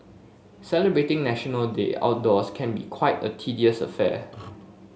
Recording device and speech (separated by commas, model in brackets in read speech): mobile phone (Samsung S8), read sentence